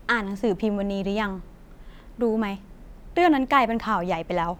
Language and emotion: Thai, frustrated